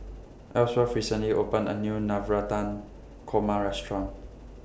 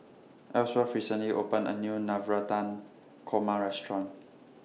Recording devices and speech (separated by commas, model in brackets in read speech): boundary microphone (BM630), mobile phone (iPhone 6), read sentence